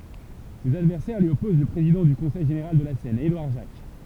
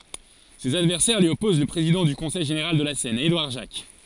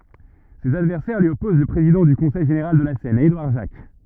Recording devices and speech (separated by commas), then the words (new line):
temple vibration pickup, forehead accelerometer, rigid in-ear microphone, read sentence
Ses adversaires lui opposent le président du Conseil général de la Seine, Édouard Jacques.